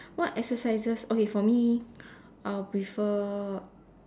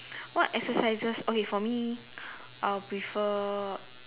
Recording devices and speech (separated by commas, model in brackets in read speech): standing microphone, telephone, conversation in separate rooms